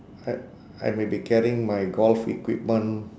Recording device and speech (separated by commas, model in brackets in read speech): standing microphone, conversation in separate rooms